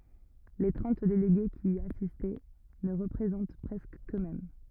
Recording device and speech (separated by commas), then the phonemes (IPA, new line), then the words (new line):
rigid in-ear microphone, read sentence
le tʁɑ̃t deleɡe ki i asist nə ʁəpʁezɑ̃t pʁɛskə køksmɛm
Les trente délégués qui y assistent ne représentent presque qu'eux-mêmes.